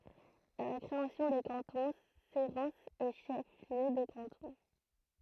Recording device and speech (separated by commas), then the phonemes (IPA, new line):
throat microphone, read sentence
a la kʁeasjɔ̃ de kɑ̃tɔ̃ seʁɑ̃sz ɛ ʃɛf ljø də kɑ̃tɔ̃